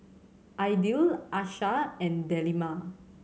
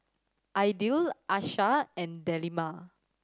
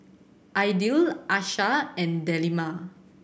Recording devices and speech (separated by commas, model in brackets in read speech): mobile phone (Samsung C7100), standing microphone (AKG C214), boundary microphone (BM630), read sentence